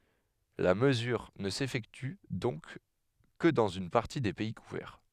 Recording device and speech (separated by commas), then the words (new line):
headset microphone, read sentence
La mesure ne s'effectue donc que dans une partie des pays couverts.